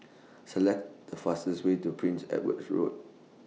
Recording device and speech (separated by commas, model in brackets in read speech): mobile phone (iPhone 6), read sentence